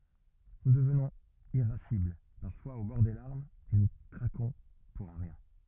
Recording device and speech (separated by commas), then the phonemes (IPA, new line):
rigid in-ear microphone, read sentence
nu dəvnɔ̃z iʁasibl paʁfwaz o bɔʁ de laʁmz e nu kʁakɔ̃ puʁ œ̃ ʁjɛ̃